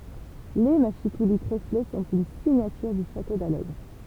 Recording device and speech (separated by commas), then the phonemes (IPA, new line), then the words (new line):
temple vibration pickup, read sentence
le maʃikuli tʁefle sɔ̃t yn siɲatyʁ dy ʃato dalɛɡʁ
Les mâchicoulis tréflés sont une signature du château d’Allègre.